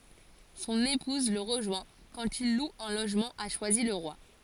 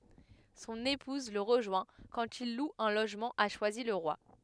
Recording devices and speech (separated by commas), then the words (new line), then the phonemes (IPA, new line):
forehead accelerometer, headset microphone, read sentence
Son épouse le rejoint quand il loue un logement à Choisy-le-Roi.
sɔ̃n epuz lə ʁəʒwɛ̃ kɑ̃t il lu œ̃ loʒmɑ̃ a ʃwazilʁwa